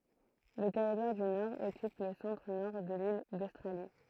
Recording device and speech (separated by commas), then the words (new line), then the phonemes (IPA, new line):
throat microphone, read sentence
Le Territoire du Nord occupe le centre-Nord de l'île d'Australie.
lə tɛʁitwaʁ dy nɔʁ ɔkyp lə sɑ̃tʁənɔʁ də lil dostʁali